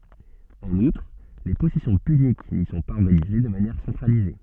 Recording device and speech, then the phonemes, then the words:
soft in-ear microphone, read sentence
ɑ̃n utʁ le pɔsɛsjɔ̃ pynik ni sɔ̃ paz ɔʁɡanize də manjɛʁ sɑ̃tʁalize
En outre, les possessions puniques n'y sont pas organisées de manière centralisée.

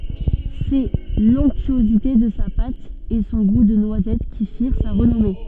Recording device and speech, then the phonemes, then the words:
soft in-ear microphone, read sentence
sɛ lɔ̃ktyozite də sa pat e sɔ̃ ɡu də nwazɛt ki fiʁ sa ʁənɔme
C’est l’onctuosité de sa pâte et son goût de noisette qui firent sa renommée.

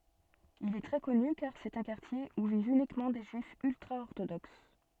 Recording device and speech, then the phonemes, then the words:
soft in-ear microphone, read sentence
il ɛ tʁɛ kɔny kaʁ sɛt œ̃ kaʁtje u vivt ynikmɑ̃ de ʒyifz yltʁaɔʁtodoks
Il est très connu car c’est un quartier où vivent uniquement des Juifs ultra-orthodoxes.

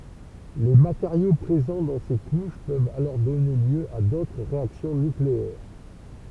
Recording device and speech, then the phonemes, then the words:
temple vibration pickup, read sentence
le mateʁjo pʁezɑ̃ dɑ̃ se kuʃ pøvt alɔʁ dɔne ljø a dotʁ ʁeaksjɔ̃ nykleɛʁ
Les matériaux présents dans ces couches peuvent alors donner lieu à d'autres réactions nucléaires.

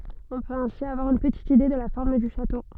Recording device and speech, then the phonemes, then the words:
soft in-ear microphone, read sentence
ɔ̃ pøt ɛ̃si avwaʁ yn pətit ide də la fɔʁm dy ʃato
On peut ainsi avoir une petite idée de la forme du château.

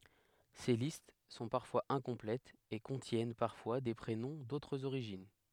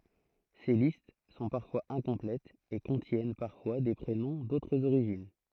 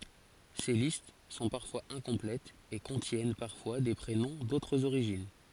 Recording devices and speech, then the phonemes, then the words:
headset microphone, throat microphone, forehead accelerometer, read sentence
se list sɔ̃ paʁfwaz ɛ̃kɔ̃plɛtz e kɔ̃tjɛn paʁfwa de pʁenɔ̃ dotʁz oʁiʒin
Ces listes sont parfois incomplètes, et contiennent parfois des prénoms d'autres origines.

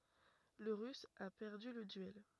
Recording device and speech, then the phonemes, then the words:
rigid in-ear microphone, read sentence
lə ʁys a pɛʁdy lə dyɛl
Le russe a perdu le duel.

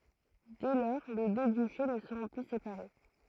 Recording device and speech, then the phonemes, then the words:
throat microphone, read sentence
dɛ lɔʁ le dø dyʃe nə səʁɔ̃ ply sepaʁe
Dès lors, les deux duchés ne seront plus séparés.

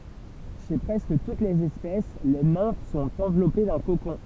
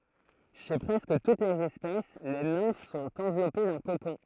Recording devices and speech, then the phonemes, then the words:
temple vibration pickup, throat microphone, read sentence
ʃe pʁɛskə tut lez ɛspɛs le nɛ̃f sɔ̃t ɑ̃vlɔpe dœ̃ kokɔ̃
Chez presque toutes les espèces, les nymphes sont enveloppées d’un cocon.

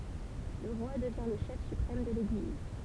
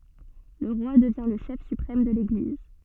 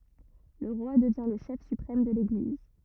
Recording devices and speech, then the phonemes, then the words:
temple vibration pickup, soft in-ear microphone, rigid in-ear microphone, read sentence
lə ʁwa dəvjɛ̃ lə ʃɛf sypʁɛm də leɡliz
Le roi devient le chef suprême de l'Église.

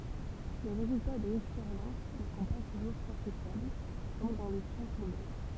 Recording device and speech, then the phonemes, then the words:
temple vibration pickup, read sentence
le ʁezylta dez ɛkspeʁjɑ̃s nə sɔ̃ pa tuʒuʁ kwɑ̃tifjabl kɔm dɑ̃ le sjɑ̃sz ymɛn
Les résultats des expériences ne sont pas toujours quantifiables, comme dans les sciences humaines.

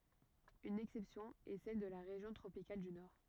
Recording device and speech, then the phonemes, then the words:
rigid in-ear microphone, read sentence
yn ɛksɛpsjɔ̃ ɛ sɛl də la ʁeʒjɔ̃ tʁopikal dy nɔʁ
Une exception est celle de la région tropicale du nord.

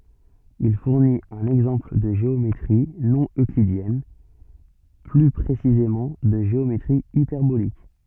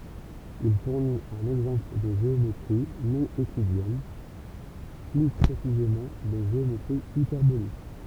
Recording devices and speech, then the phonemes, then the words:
soft in-ear microphone, temple vibration pickup, read sentence
il fuʁnit œ̃n ɛɡzɑ̃pl də ʒeometʁi nɔ̃ øklidjɛn ply pʁesizemɑ̃ də ʒeometʁi ipɛʁbolik
Il fournit un exemple de géométrie non euclidienne, plus précisément de géométrie hyperbolique.

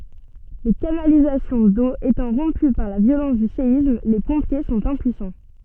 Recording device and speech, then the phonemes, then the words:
soft in-ear microphone, read sentence
le kanalizasjɔ̃ do etɑ̃ ʁɔ̃py paʁ la vjolɑ̃s dy seism le pɔ̃pje sɔ̃t ɛ̃pyisɑ̃
Les canalisations d'eau étant rompues par la violence du séisme, les pompiers sont impuissants.

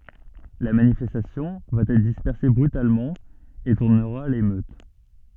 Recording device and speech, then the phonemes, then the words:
soft in-ear microphone, read sentence
la manifɛstasjɔ̃ va ɛtʁ dispɛʁse bʁytalmɑ̃ e tuʁnəʁa a lemøt
La manifestation va être dispersée brutalement, et tournera à l'émeute.

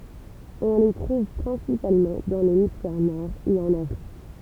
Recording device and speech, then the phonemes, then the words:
temple vibration pickup, read sentence
ɔ̃ le tʁuv pʁɛ̃sipalmɑ̃ dɑ̃ lemisfɛʁ nɔʁ e ɑ̃n afʁik
On les trouve principalement dans l'hémisphère Nord et en Afrique.

